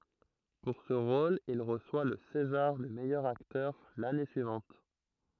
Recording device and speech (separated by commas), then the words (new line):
throat microphone, read sentence
Pour ce rôle il reçoit le césar du meilleur acteur l'année suivante.